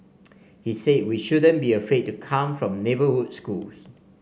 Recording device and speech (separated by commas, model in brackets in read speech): mobile phone (Samsung C5), read sentence